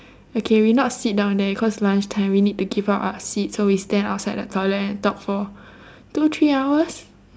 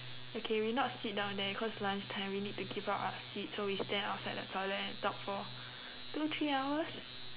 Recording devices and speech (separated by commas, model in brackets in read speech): standing microphone, telephone, conversation in separate rooms